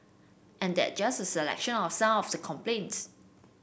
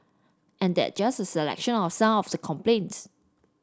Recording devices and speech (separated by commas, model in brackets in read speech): boundary microphone (BM630), standing microphone (AKG C214), read sentence